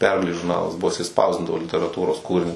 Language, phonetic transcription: Lithuanian, ˈpergalės žurˈnalas ˈbuvo jiˈsai ˈspausdindavo literaˈtūros ˈkūrinius

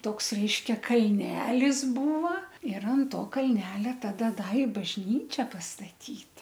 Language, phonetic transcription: Lithuanian, ˈtoks ˈreiškia kalˈnelis ˈbūva ir an ˈto kalˈnelia ˈtada ˈda i bažˈnyčia pastaˈtyt

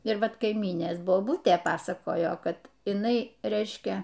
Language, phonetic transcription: Lithuanian, ir ˈvat kaiˈmynės boˈbutė ˈpasakojo ˈkad iˈnai ˈreiškia

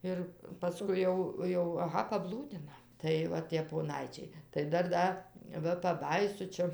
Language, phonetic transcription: Lithuanian, ˈir paˈskui jau ˈjau aˈha paˈblūdina tai ˈva tie poˈnaičiai tai ˈdar ˈda ˈva paˈbajysu ˈčia

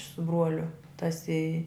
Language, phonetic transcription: Lithuanian, su ˈbruoliu tas i

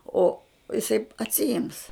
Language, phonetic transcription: Lithuanian, o iˈsai atsiˈims

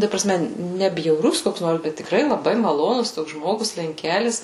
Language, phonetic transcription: Lithuanian, ta praˈsme ˈne bjauˈrus ˈkoks ˈnors ˈbet tikˈrai laˈbai maˈlonus ˈtoks ˈžmogus lenˈkelis

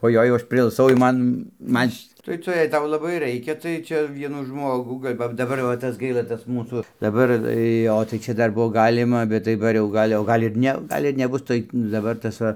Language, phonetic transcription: Lithuanian, oˈjoi jau ˈaš priilˈsau jau ˈman ˈman' š' tai ˈtu jei ˈtau laˈbai ˈraikia tai ˈčia ˈvienų ˈžmogų gal' ˈva daˈbar va ˈtas ˈgaila ˈtas ˈmūsų daˈbar ˈjo tai ˈčia ˈdar ˈbuo ˈgalima bet daˈbar jau ˈgal' o ˈgal' ir ˈne o ˈgal' ir neˈbus tai daˈbar tas ˈva

